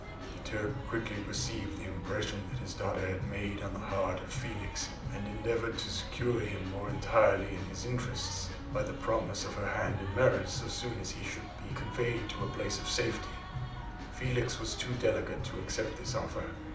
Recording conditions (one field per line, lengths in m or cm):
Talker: one person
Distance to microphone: 2.0 m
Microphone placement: close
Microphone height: 99 cm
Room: medium-sized (5.7 m by 4.0 m)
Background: music